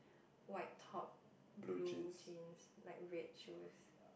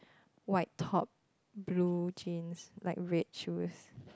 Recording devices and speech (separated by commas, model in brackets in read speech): boundary microphone, close-talking microphone, conversation in the same room